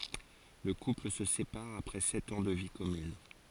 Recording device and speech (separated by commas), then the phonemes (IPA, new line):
forehead accelerometer, read sentence
lə kupl sə sepaʁ apʁɛ sɛt ɑ̃ də vi kɔmyn